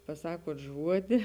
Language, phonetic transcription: Lithuanian, paˈsakuot ˈžuodi

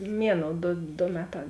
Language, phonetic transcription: Lithuanian, ˈmieˌnou ˈdo do ˈmeˌtā

